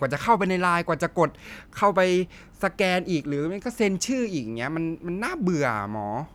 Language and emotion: Thai, frustrated